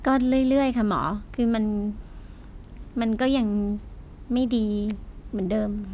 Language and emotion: Thai, frustrated